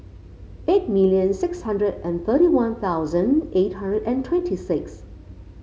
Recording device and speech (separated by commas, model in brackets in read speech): mobile phone (Samsung C5), read sentence